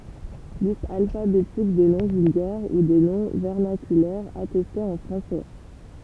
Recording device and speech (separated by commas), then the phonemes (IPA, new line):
temple vibration pickup, read sentence
list alfabetik de nɔ̃ vylɡɛʁ u de nɔ̃ vɛʁnakylɛʁz atɛstez ɑ̃ fʁɑ̃sɛ